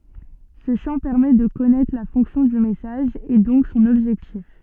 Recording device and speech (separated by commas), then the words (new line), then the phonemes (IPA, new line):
soft in-ear microphone, read sentence
Ce champ permet de connaître la fonction du message et donc son objectif.
sə ʃɑ̃ pɛʁmɛ də kɔnɛtʁ la fɔ̃ksjɔ̃ dy mɛsaʒ e dɔ̃k sɔ̃n ɔbʒɛktif